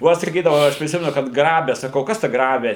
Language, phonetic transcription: Lithuanian, o ˈaš saˈkydavau ˈaš priˈsimenu kad ˈgrabe saˈkau ˈkas ta ˈgrabi

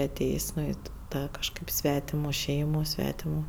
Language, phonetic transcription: Lithuanian, aˈtėjs' ˈnu i i ˈtą kažˈkaip ˈsvetimuˈ ˈšeimu ˈsvetimu

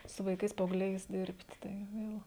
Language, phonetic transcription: Lithuanian, su vaiˈkais paaugˈliais ˈdirbt' ˈtai ˈvėl

